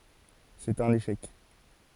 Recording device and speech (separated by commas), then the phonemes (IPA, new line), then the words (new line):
forehead accelerometer, read sentence
sɛt œ̃n eʃɛk
C'est un échec.